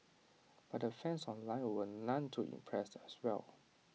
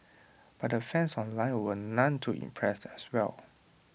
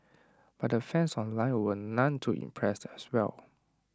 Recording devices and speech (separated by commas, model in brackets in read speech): mobile phone (iPhone 6), boundary microphone (BM630), standing microphone (AKG C214), read sentence